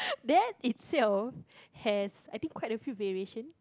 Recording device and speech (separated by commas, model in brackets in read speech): close-talking microphone, conversation in the same room